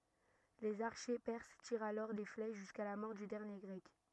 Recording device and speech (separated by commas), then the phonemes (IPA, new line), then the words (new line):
rigid in-ear microphone, read sentence
lez aʁʃe pɛʁs tiʁt alɔʁ de flɛʃ ʒyska la mɔʁ dy dɛʁnje ɡʁɛk
Les archers perses tirent alors des flèches jusqu'à la mort du dernier Grec.